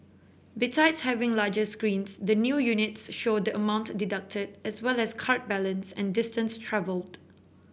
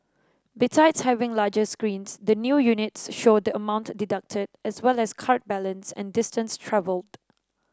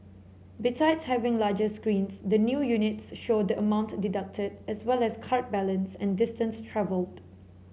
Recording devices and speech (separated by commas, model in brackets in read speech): boundary microphone (BM630), standing microphone (AKG C214), mobile phone (Samsung C7), read sentence